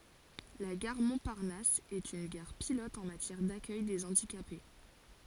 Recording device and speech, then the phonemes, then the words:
forehead accelerometer, read sentence
la ɡaʁ mɔ̃paʁnas ɛt yn ɡaʁ pilɔt ɑ̃ matjɛʁ dakœj de ɑ̃dikape
La gare Montparnasse est une gare pilote en matière d’accueil des handicapés.

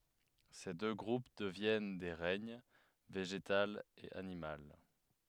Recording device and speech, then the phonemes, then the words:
headset microphone, read sentence
se dø ɡʁup dəvjɛn de ʁɛɲ veʒetal e animal
Ces deux groupes deviennent des règnes, végétal et animal.

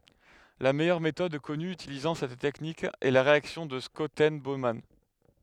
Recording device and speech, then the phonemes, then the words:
headset microphone, read sentence
la mɛjœʁ metɔd kɔny ytilizɑ̃ sɛt tɛknik ɛ la ʁeaksjɔ̃ də ʃɔtɛn boman
La meilleure méthode connue utilisant cette technique est la réaction de Schotten-Baumann.

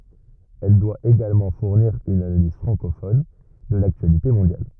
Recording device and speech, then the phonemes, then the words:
rigid in-ear microphone, read sentence
ɛl dwa eɡalmɑ̃ fuʁniʁ yn analiz fʁɑ̃kofɔn də laktyalite mɔ̃djal
Elle doit également fournir une analyse francophone de l'actualité mondiale.

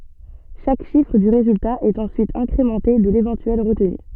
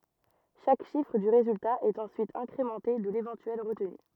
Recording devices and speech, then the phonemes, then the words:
soft in-ear microphone, rigid in-ear microphone, read sentence
ʃak ʃifʁ dy ʁezylta ɛt ɑ̃syit ɛ̃kʁemɑ̃te də levɑ̃tyɛl ʁətny
Chaque chiffre du résultat est ensuite incrémenté de l'éventuelle retenue.

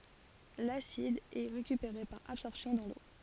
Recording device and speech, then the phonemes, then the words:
forehead accelerometer, read sentence
lasid ɛ ʁekypeʁe paʁ absɔʁpsjɔ̃ dɑ̃ lo
L'acide est récupéré par absorption dans l'eau.

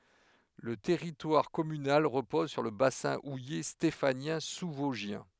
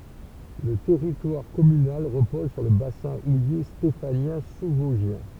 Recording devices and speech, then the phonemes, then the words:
headset microphone, temple vibration pickup, read sentence
lə tɛʁitwaʁ kɔmynal ʁəpɔz syʁ lə basɛ̃ uje stefanjɛ̃ suzvɔzʒjɛ̃
Le territoire communal repose sur le bassin houiller stéphanien sous-vosgien.

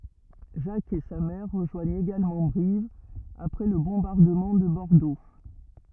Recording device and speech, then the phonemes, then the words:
rigid in-ear microphone, read sentence
ʒak e sa mɛʁ ʁəʒwaɲt eɡalmɑ̃ bʁiv apʁɛ lə bɔ̃baʁdəmɑ̃ də bɔʁdo
Jack et sa mère rejoignent également Brive après le bombardement de Bordeaux.

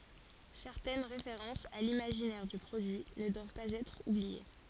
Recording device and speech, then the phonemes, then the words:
forehead accelerometer, read sentence
sɛʁtɛn ʁefeʁɑ̃sz a limaʒinɛʁ dy pʁodyi nə dwav paz ɛtʁ ublie
Certaines références à l'imaginaire du produit ne doivent pas être oubliées.

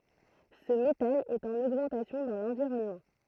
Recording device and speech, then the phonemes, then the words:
throat microphone, read sentence
sə metal ɛt ɑ̃n oɡmɑ̃tasjɔ̃ dɑ̃ lɑ̃viʁɔnmɑ̃
Ce métal est en augmentation dans l'environnement.

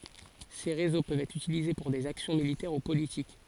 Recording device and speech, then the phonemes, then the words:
forehead accelerometer, read sentence
se ʁezo pøvt ɛtʁ ytilize puʁ dez aksjɔ̃ militɛʁ u politik
Ces réseaux peuvent être utilisés pour des actions militaires ou politiques.

